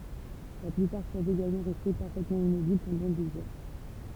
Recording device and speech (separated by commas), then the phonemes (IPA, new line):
temple vibration pickup, read sentence
la plypaʁ pøvt eɡalmɑ̃ ʁɛste paʁfɛtmɑ̃ immobil pɑ̃dɑ̃ dez œʁ